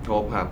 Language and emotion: Thai, neutral